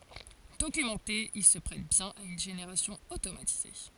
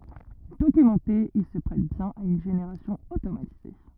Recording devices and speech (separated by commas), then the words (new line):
forehead accelerometer, rigid in-ear microphone, read sentence
Documenté, il se prête bien à une génération automatisée.